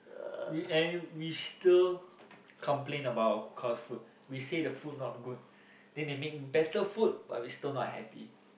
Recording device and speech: boundary microphone, conversation in the same room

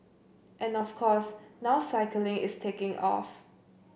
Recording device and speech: boundary microphone (BM630), read sentence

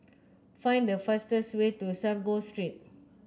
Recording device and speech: close-talking microphone (WH30), read sentence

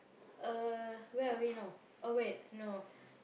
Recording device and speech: boundary microphone, conversation in the same room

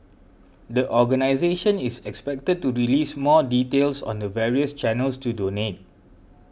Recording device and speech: boundary microphone (BM630), read sentence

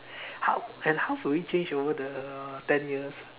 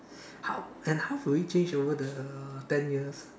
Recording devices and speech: telephone, standing microphone, conversation in separate rooms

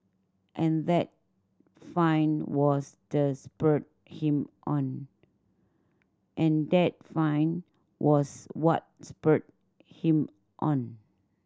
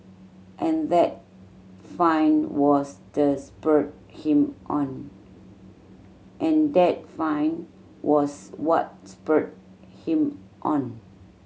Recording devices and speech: standing microphone (AKG C214), mobile phone (Samsung C7100), read sentence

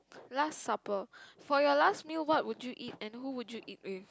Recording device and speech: close-talking microphone, conversation in the same room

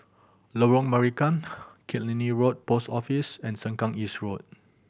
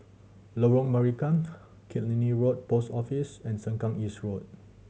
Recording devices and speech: boundary microphone (BM630), mobile phone (Samsung C7100), read sentence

